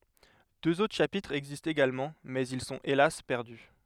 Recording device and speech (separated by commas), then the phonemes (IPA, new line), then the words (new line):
headset microphone, read sentence
døz otʁ ʃapitʁz ɛɡzistt eɡalmɑ̃ mɛz il sɔ̃t elas pɛʁdy
Deux autres chapitres existent également mais ils sont hélas perdus.